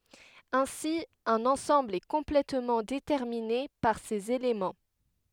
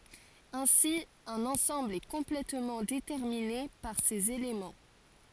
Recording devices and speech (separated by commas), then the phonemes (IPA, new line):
headset microphone, forehead accelerometer, read sentence
ɛ̃si œ̃n ɑ̃sɑ̃bl ɛ kɔ̃plɛtmɑ̃ detɛʁmine paʁ sez elemɑ̃